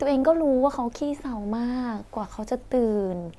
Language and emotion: Thai, frustrated